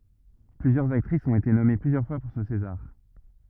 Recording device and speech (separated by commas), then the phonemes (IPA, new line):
rigid in-ear microphone, read sentence
plyzjœʁz aktʁisz ɔ̃t ete nɔme plyzjœʁ fwa puʁ sə sezaʁ